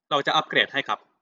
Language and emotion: Thai, neutral